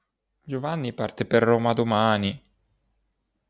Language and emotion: Italian, sad